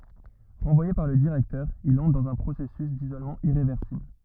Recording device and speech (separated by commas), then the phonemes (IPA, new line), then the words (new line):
rigid in-ear microphone, read sentence
ʁɑ̃vwaje paʁ lə diʁɛktœʁ il ɑ̃tʁ dɑ̃z œ̃ pʁosɛsys dizolmɑ̃ iʁevɛʁsibl
Renvoyé par le directeur, il entre dans un processus d'isolement irréversible.